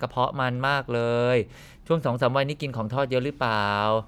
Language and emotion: Thai, neutral